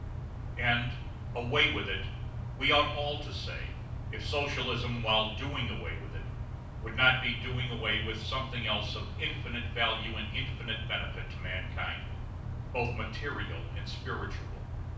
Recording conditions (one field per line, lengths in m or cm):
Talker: one person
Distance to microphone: 5.8 m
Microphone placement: far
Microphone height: 1.8 m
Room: medium-sized (5.7 m by 4.0 m)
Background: none